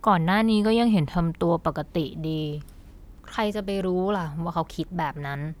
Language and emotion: Thai, neutral